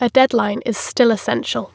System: none